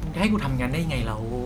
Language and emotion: Thai, frustrated